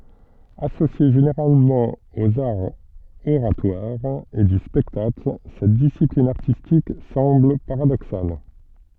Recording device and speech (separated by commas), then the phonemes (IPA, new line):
soft in-ear microphone, read sentence
asosje ʒeneʁalmɑ̃ oz aʁz oʁatwaʁz e dy spɛktakl sɛt disiplin aʁtistik sɑ̃bl paʁadoksal